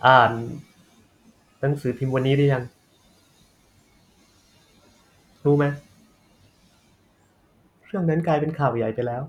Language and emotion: Thai, frustrated